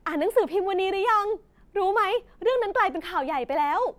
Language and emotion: Thai, happy